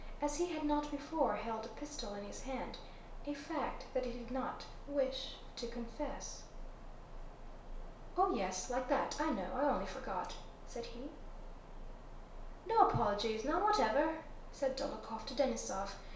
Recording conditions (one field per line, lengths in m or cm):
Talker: one person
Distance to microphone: 1.0 m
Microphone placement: close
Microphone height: 1.1 m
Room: small (3.7 m by 2.7 m)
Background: none